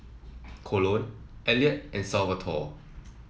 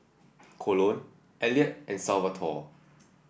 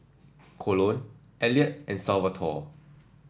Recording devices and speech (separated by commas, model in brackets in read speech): mobile phone (iPhone 7), boundary microphone (BM630), standing microphone (AKG C214), read sentence